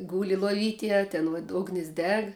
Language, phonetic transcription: Lithuanian, ˈgūli loˈvytėj a ˈten vot ˈugnis ˈdeg

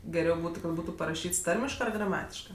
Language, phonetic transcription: Lithuanian, geˈriau ˈbūtu kad ˈbūtu paraˈšyts ˈtarmiškɜ ar graˈmatiškɜ

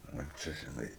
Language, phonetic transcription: Lithuanian, o ˈčia žiˈnai

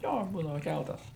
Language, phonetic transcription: Lithuanian, ˈjo ˈbūdava ˈkæltas

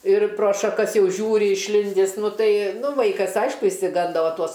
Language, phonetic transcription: Lithuanian, ir pro šaˈkas ˈjau ˈžiūri išˈlindįs ˈnu ˈtai ˈnu ˈvaikas ˈaišku išsiˈgando ˈva ˈtuos

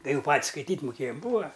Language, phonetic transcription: Lithuanian, tai ˈjau ˈpat's' skaiˈtyt' muˈkėjam ˈbūa

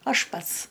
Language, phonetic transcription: Lithuanian, ˈaš ˈpats

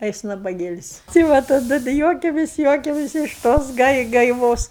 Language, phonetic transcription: Lithuanian, a ˈjis nabaˈgėlis' tai ˈva taˈdu da ˈjuokiamės ˈjuokiamės iš ˈtos gai gaiˈvos

